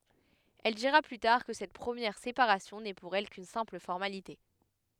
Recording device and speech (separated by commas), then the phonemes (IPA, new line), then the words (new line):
headset microphone, read sentence
ɛl diʁa ply taʁ kə sɛt pʁəmjɛʁ sepaʁasjɔ̃ nɛ puʁ ɛl kyn sɛ̃pl fɔʁmalite
Elle dira plus tard que Cette première séparation n'est pour elle qu'une simple formalité.